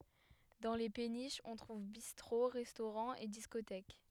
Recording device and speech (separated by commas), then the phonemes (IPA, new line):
headset microphone, read sentence
dɑ̃ le peniʃz ɔ̃ tʁuv bistʁo ʁɛstoʁɑ̃z e diskotɛk